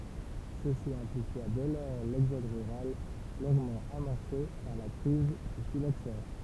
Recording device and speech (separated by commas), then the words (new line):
temple vibration pickup, read sentence
Ceci amplifia dès lors l'exode rural, longuement amorcé par la crise du phylloxera.